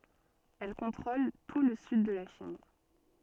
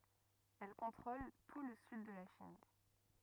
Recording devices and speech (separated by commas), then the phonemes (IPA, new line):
soft in-ear microphone, rigid in-ear microphone, read sentence
ɛl kɔ̃tʁol tu lə syd də la ʃin